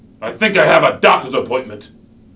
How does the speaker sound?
angry